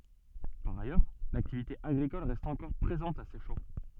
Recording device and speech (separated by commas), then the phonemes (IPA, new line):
soft in-ear microphone, read sentence
paʁ ajœʁ laktivite aɡʁikɔl ʁɛst ɑ̃kɔʁ pʁezɑ̃t a sɛʃɑ̃